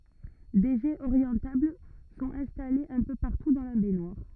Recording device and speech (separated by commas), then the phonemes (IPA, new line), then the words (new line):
rigid in-ear microphone, read sentence
de ʒɛz oʁjɑ̃tabl sɔ̃t ɛ̃stalez œ̃ pø paʁtu dɑ̃ la bɛɲwaʁ
Des jets orientables sont installés un peu partout dans la baignoire.